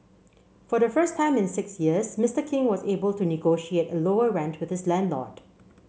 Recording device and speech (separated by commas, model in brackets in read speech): mobile phone (Samsung C7), read sentence